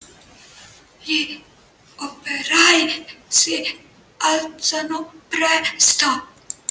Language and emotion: Italian, fearful